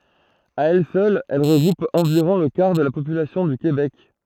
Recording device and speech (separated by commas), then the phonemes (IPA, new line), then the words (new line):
throat microphone, read sentence
a ɛl sœl ɛl ʁəɡʁup ɑ̃viʁɔ̃ lə kaʁ də la popylasjɔ̃ dy kebɛk
À elle seule, elle regroupe environ le quart de la population du Québec.